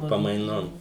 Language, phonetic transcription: Lithuanian, pamaiˈnom

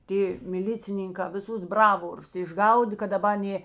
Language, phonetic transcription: Lithuanian, ˈtė miˈlicininkā viˈsus ˈbravorus išˈgaudė kad daˈba ˈnė

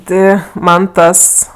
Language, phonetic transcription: Lithuanian, ˈti ˈman ˈtas

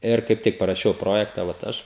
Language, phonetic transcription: Lithuanian, ˈir kaip ˈtik paraˈšiau ˈprojekta vat ˈaš

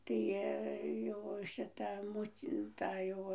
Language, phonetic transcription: Lithuanian, ˈtai jau šiˈta ˈmut' ˈta jau

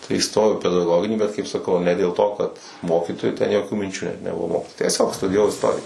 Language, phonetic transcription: Lithuanian, tai įˈstojau i pedaˈgoginį bet ˈkaip saˈkau ne dėl ˈto kad ˈmokytoju ten joˈkių minˈčių net neˈbuvo tieˈsiog studijaˈvau isˈtorija

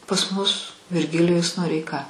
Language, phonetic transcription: Lithuanian, pas mus virˈgilijus noreiˈka

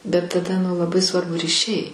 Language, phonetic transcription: Lithuanian, bet taˈda nu laˈbai ˈsvarbu ryˈšiai

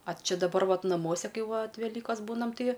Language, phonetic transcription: Lithuanian, a ˈči daˈbar ˈvat naˈmuose ˈkai ˈvat veˈlykos ˈbūnam ˈtai

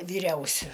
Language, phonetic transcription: Lithuanian, vyˈriausiu

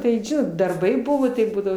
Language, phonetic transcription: Lithuanian, tai ˈžinot darˈbai ˈbuvo tai ˈbūdavo

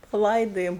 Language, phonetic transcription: Lithuanian, paˈlaidojom

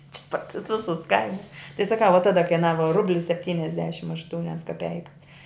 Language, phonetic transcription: Lithuanian, či par tus ˈvisus ˈkaimus tai saˈkau va ˈtada kaiˈnava ˈrubli sepˈtyniasdešim ašˈtūnias kaˈpeikas

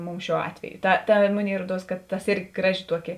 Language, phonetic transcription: Lithuanian, ˈmums ˈšiuo ˈatveju ˈta ˈta ˈmuˌnėi ˈruoˌduos kad tas ˈirgi ˈgraˌži ˈtuoˌki

